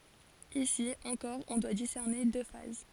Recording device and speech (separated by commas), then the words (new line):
forehead accelerometer, read sentence
Ici, encore on doit discerner deux phases.